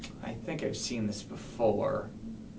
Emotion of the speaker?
neutral